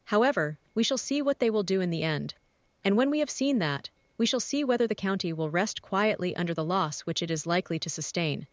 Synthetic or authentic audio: synthetic